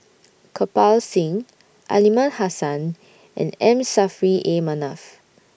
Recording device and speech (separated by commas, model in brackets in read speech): boundary microphone (BM630), read sentence